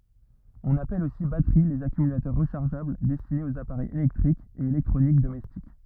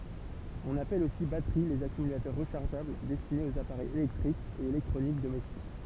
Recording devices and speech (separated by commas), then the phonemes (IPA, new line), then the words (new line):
rigid in-ear microphone, temple vibration pickup, read sentence
ɔ̃n apɛl osi batəʁi lez akymylatœʁ ʁəʃaʁʒabl dɛstinez oz apaʁɛjz elɛktʁikz e elɛktʁonik domɛstik
On appelle aussi batteries les accumulateurs rechargeables destinés aux appareils électriques et électroniques domestiques.